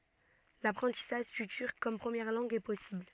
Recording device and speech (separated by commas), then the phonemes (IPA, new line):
soft in-ear microphone, read sentence
lapʁɑ̃tisaʒ dy tyʁk kɔm pʁəmjɛʁ lɑ̃ɡ ɛ pɔsibl